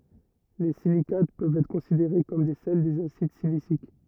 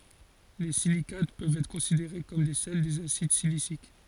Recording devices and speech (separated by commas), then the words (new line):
rigid in-ear microphone, forehead accelerometer, read sentence
Les silicates peuvent être considérés comme des sels des acides siliciques.